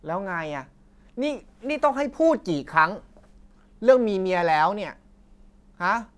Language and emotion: Thai, angry